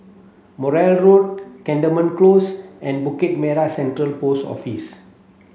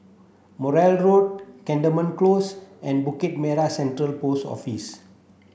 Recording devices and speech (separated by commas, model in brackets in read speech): mobile phone (Samsung C7), boundary microphone (BM630), read sentence